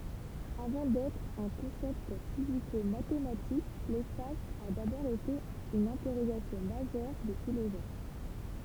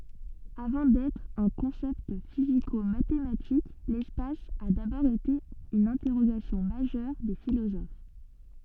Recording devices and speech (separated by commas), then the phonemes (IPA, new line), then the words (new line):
temple vibration pickup, soft in-ear microphone, read sentence
avɑ̃ dɛtʁ œ̃ kɔ̃sɛpt fizikomatematik lɛspas a dabɔʁ ete yn ɛ̃tɛʁoɡasjɔ̃ maʒœʁ de filozof
Avant d'être un concept physico-mathématique, l'espace a d'abord été une interrogation majeure des philosophes.